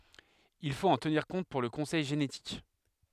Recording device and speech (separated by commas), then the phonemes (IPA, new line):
headset microphone, read sentence
il fot ɑ̃ təniʁ kɔ̃t puʁ lə kɔ̃sɛj ʒenetik